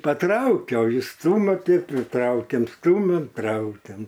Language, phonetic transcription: Lithuanian, paˈtraukia o ˈjis ˈstumia ˈtai priˈtraukiam ˈstumiam ˈtraukiam

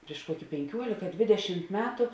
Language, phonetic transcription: Lithuanian, priš ˈkuoki penˈkiuolika ˈdvidešimt ˈmetu

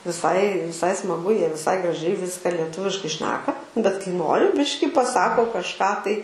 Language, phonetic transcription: Lithuanian, viˈsai viˈsai smaˈgu ˈjie viˈsai graˈžiai ˈviska lieˈtuviškai ˈšneka bet kai ˈnori ˈbiški paˈsako kažˈką tai

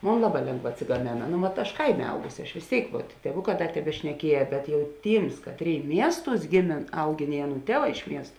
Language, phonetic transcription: Lithuanian, ˈmon ˈlaˌbā ˈlėngˌvā atsigaˈmėna ˈno vat aš ˈkaiˌmė ˈaugusi aš vės ˈtėik vuot tieˈvuˌkā ˈda tebešneˈkieja ˈbet jau ˈtyms ˈkatˌrėi ˈmiesˌtūs ˈgėˌmėn ˈauˌgėn i ˈaˌnų ˈtieˌvā iš ˈmiest

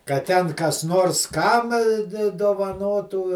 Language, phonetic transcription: Lithuanian, kad ˈten kas ˈnors ˈkam di dovaˈnotų

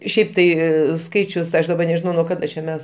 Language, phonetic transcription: Lithuanian, ˈšiaip ˈtai ˈskaičius ˈaš daˈba nežiˈnau nuo ˈkada čia ˈmes

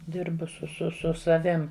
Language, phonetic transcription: Lithuanian, ˈdirbu su su ˈsu saˈvim

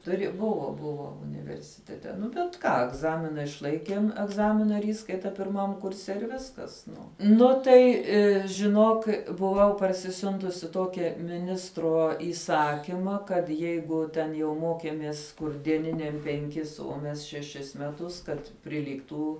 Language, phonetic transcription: Lithuanian, tuˈri ˈbuvo ˈbuvo universiˈtete ˈnu bet ˈką egˈzamina išˈlaikėm egˈzamina ˈįskaita pirˈmam kurˈse irˈ viskas ˈnu ˈnu tai žiˈnok buˈvau parsiˈsiuntusi ˈtokia miˈnistro įˈsakyma kad ˈjeigu ten jau ˈmokėmės kur dieˈniniam penˈkis uo ˈmes šeˈšis meˈtus ˈkad priˈlygtų

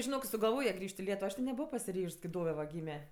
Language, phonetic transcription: Lithuanian, žiˈnok i sugalˈvoja ˈgriž't' i ˈlietuvo ˈaš ti neˈbuvo pasiˈryžs kai ˈdove va ˈgyme

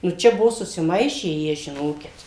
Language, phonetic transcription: Lithuanian, nu ˈčia ˈbuvo susiˈmaišę ˈjie žiˈnokit

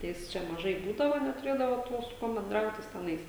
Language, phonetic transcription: Lithuanian, ˈjis ˈčia maˈžai ˈbūdavo netuˈrėdavo ˈtuo su ˈkuom benˈdraut ˈjis teˈnais

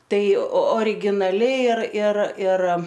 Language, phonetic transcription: Lithuanian, ˈtai originaˈli ir ir ir

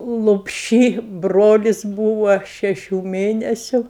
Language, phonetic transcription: Lithuanian, lopˈšy ˈbrolis ˈbūva ˈšešių ˈmėnesiu

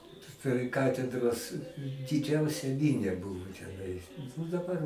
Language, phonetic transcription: Lithuanian, pri ˈkatedros diˈdžiausia ˈminia ˈbuvo teˈnais o daˈbar

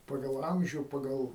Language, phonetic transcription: Lithuanian, ˈpagal ˈamžių ˈpagal

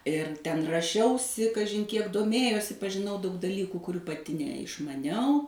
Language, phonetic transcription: Lithuanian, ir ten raˈšiausi kaˈžin ˈkiek doˈmėjosi pažiˈnau daug daˈlykų kuˈrių paˈti neišmaˈniau

